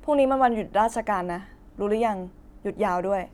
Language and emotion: Thai, neutral